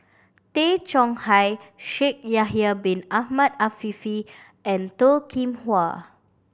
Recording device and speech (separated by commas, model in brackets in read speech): boundary microphone (BM630), read sentence